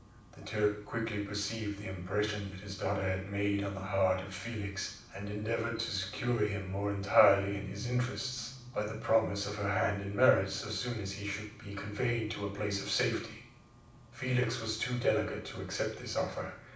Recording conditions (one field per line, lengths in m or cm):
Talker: one person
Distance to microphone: 5.8 m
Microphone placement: far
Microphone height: 1.8 m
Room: medium-sized (5.7 m by 4.0 m)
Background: none